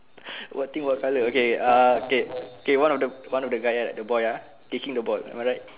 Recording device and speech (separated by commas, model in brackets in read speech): telephone, conversation in separate rooms